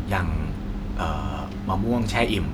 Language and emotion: Thai, neutral